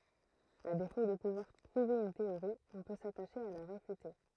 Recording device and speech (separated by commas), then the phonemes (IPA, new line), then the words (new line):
throat microphone, read sentence
a defo də puvwaʁ pʁuve yn teoʁi ɔ̃ pø sataʃe a la ʁefyte
À défaut de pouvoir prouver une théorie, on peut s'attacher à la réfuter.